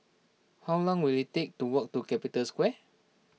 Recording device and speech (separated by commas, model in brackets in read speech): mobile phone (iPhone 6), read sentence